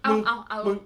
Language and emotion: Thai, happy